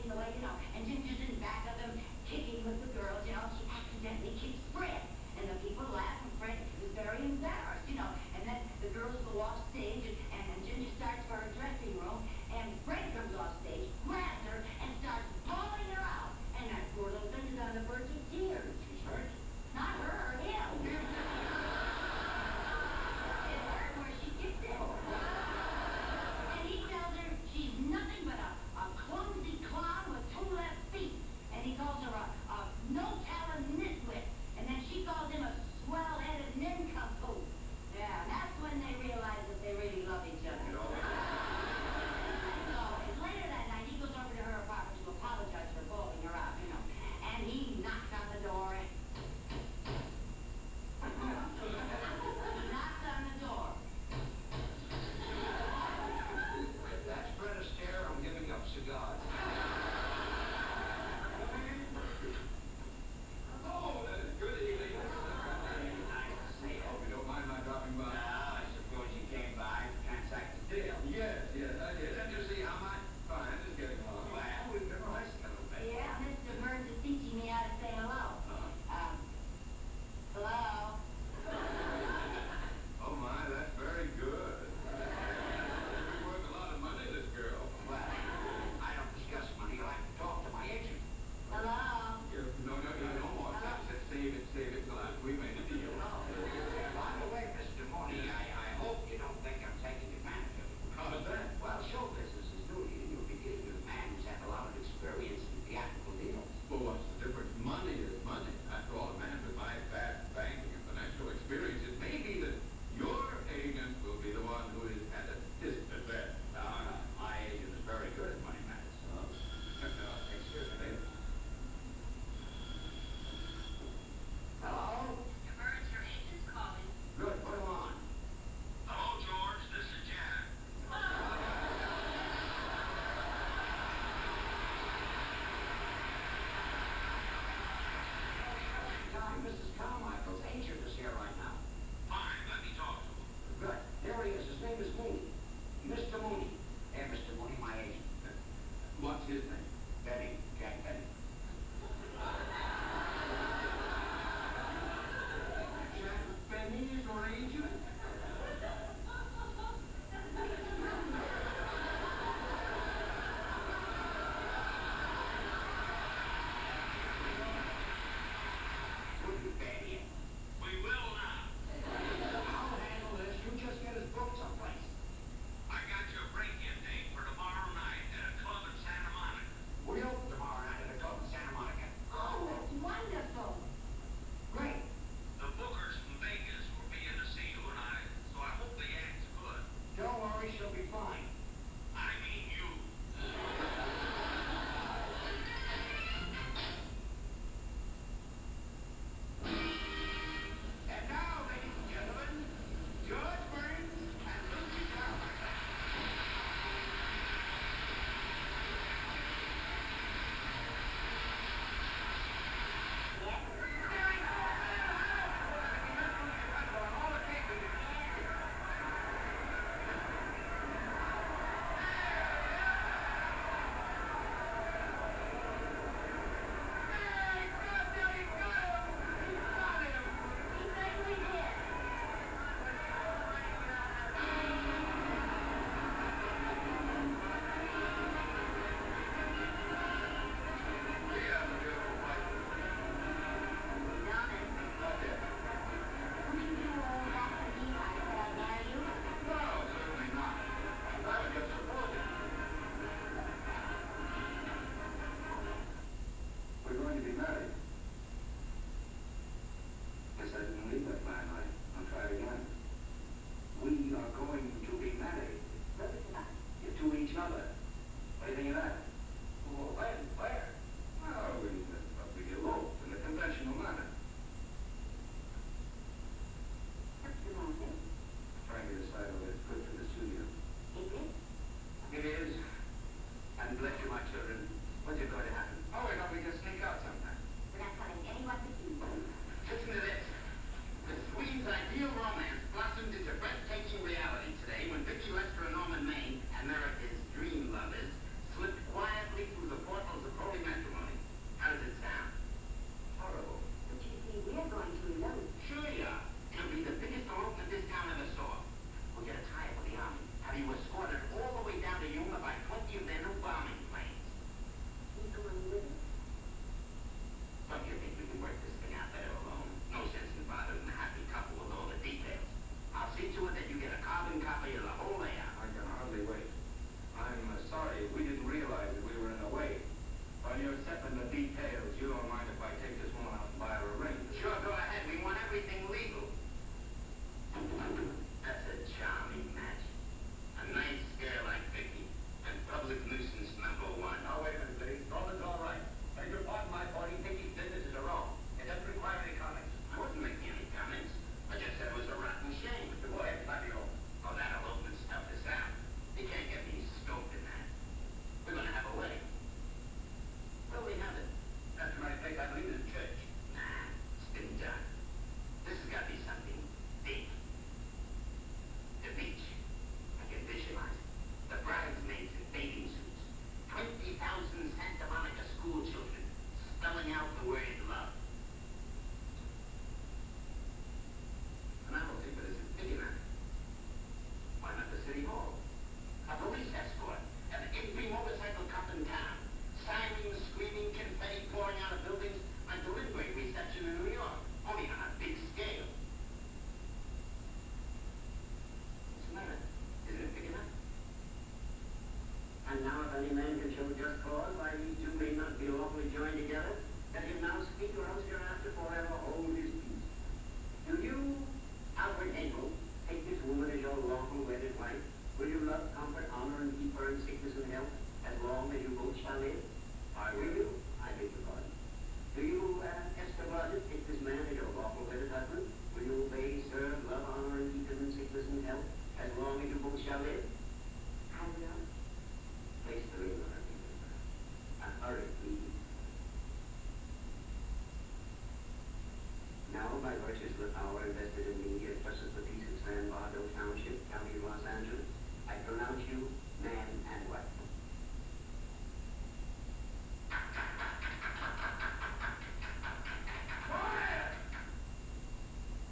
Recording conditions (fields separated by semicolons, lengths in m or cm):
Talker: no one; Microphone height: 1.7 m; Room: large; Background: television